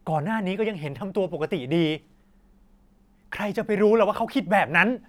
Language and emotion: Thai, frustrated